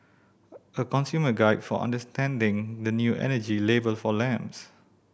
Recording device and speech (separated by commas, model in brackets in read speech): boundary microphone (BM630), read sentence